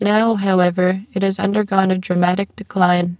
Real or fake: fake